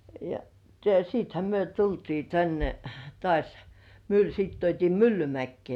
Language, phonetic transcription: Finnish, ja siithä 'myö tultii 'tänne , "tŏàś , Myl -sit tuot́ii "Myllymäkkĭè .
- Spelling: ja sittenhän me tultiin tänne taas - sitten tuotiin Myllymäkeen

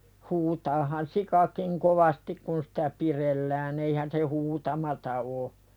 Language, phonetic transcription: Finnish, huutaahan "sikakiŋ 'kovastik kun sitä 'pirellään ‿eihän se "huutamata o .
- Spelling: huutaahan sikakin kovasti kun sitä pidellään eihän se huutamatta ole

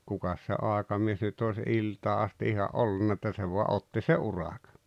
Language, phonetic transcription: Finnish, 'kukas se '’àekamies nyt ‿ois "iltaa asti 'iha’ "’ollunna että se vua '’otti se "’urakᴀ .
- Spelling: kukas se aikamies nyt olisi iltaan asti ihan ollut että se vain otti se urakan

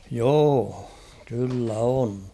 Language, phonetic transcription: Finnish, joo ; 'kyllä 'on .
- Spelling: joo kyllä on

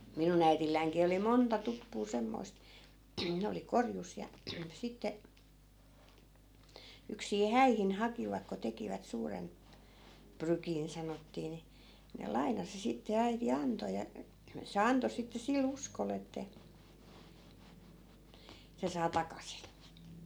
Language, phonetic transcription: Finnish, 'minun ‿äitilläiŋkii oli "monta 'tuppuu 'semmoi̮st , ne oli 'korjus ja , 'sitte , yksii "häihin 'hakivak ko 'tekivät 'suuren , "prykin 'sanottii ni , ne 'lai̮nasi sitte 'äiti 'anto ja , se 'anto sitte si"l ‿uskol ‿että , 'se saa 'takasin̬ .
- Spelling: minun äidillänikin oli monta tuppua semmoista ne oli korjussa ja sitten yksin häihin hakivat kun tekivät suuren prykin sanottiin niin ne lainasi sitten äiti antoi ja se antoi sitten sillä uskolla että se saa takaisin

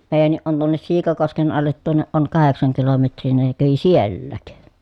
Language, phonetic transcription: Finnish, meejänniʼ ʼon tuonnes Siikakosken allet tuonneʼ ʼoŋ kaheksaŋ kilometr̀ii ni ne kävi siellääk .
- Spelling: meidänkin on tuonne Siikakosken alle tuonne on kahdeksan kilometriä niin ne kävi sielläkin

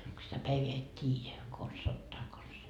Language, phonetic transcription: Finnish, ko sitä 'päiveä et "t́iijä , kons 'sattaa kons .
- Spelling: kun sitä päivää et tiedä konsa sataa konsa

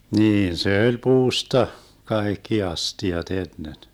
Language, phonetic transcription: Finnish, 'niin se 'öĺ "puusta , 'kaekki 'asti₍at 'ennen .
- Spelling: niin se oli puusta kaikki astiat ennen

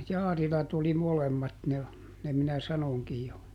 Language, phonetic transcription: Finnish, ˈJaarilat ‿oli ˈmolemmat ne , ˈne minä ˈsanoŋkij jo .
- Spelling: Jaarilat oli molemmat ne ne minä sanoinkin jo

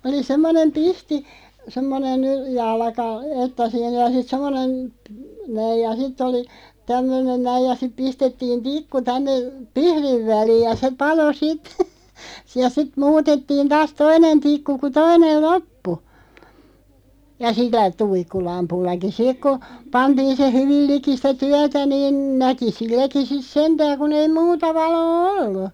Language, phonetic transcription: Finnish, oli 'semmonem "pihti , 'semmonen , 'jalᵃka , 'että sii(nä ja) sit 'semmonen , p- näij ja 'ˢitᵗ ‿oli , 'tämmönen "näij ja sip 'pistettiin "tikku 'tänne , "pihðiᵛ 'väliiʲ ja 'se palo "sit , ja sit "muutettiin 'taas "toinen 'tikku ku "toinel 'loppu , ja 'si(l̆l)ä 'tuikkulampullaki "sik k(o) , 'pantiin se "hyvil 'liki sⁱtä "tyätä niin 'näki "silläki sis "sentääŋ kun ‿ei "muuta 'valoo "ollu .
- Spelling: oli semmoinen pihti semmoinen jalka että siinä ja sitten semmoinen - näin ja sitten oli tämmöinen näin ja sitten pistettiin tikku tänne pihdin väliin ja se paloi sitten ja sitten muutettiin taas toinen tikku kun toinen loppui ja sillä tuikkulampullakin sitten kun pantiin se hyvin liki sitä työtä niin näki silläkin sitten sentään kun ei muuta valoa ollut

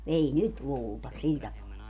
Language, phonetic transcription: Finnish, 'ei "nyt 'luulta , 'sil tapaa .
- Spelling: ei nyt luulla sillä tapaa

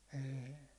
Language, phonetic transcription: Finnish, 'ê .
- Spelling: ei

